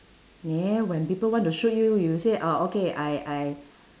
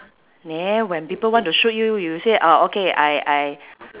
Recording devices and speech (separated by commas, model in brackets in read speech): standing microphone, telephone, conversation in separate rooms